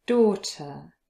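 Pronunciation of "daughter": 'daughter' is said with a British pronunciation, and its first vowel is a long o sound.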